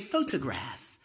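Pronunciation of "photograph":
'Photograph' is pronounced here the way some people in England say it.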